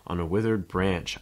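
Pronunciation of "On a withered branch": In 'On a withered branch', the stress is on 'branch'.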